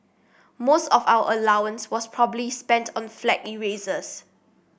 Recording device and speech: boundary microphone (BM630), read sentence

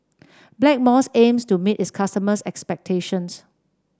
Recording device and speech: standing microphone (AKG C214), read sentence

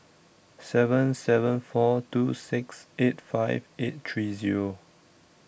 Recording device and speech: boundary microphone (BM630), read sentence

